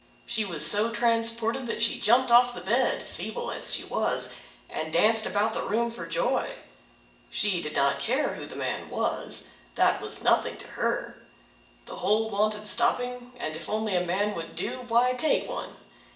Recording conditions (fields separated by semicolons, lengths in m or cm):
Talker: one person; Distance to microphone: 1.8 m; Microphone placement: close; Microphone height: 1.0 m; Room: large; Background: none